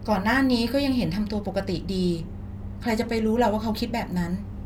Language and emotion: Thai, frustrated